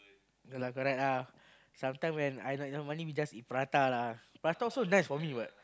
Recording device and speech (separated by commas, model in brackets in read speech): close-talking microphone, conversation in the same room